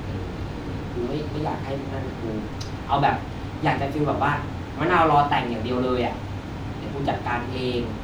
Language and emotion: Thai, frustrated